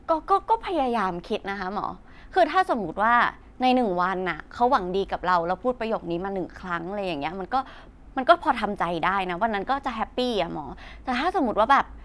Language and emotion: Thai, frustrated